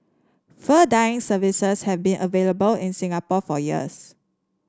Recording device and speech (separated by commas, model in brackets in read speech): standing microphone (AKG C214), read sentence